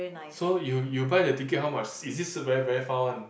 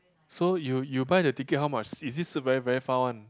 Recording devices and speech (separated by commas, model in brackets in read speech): boundary microphone, close-talking microphone, conversation in the same room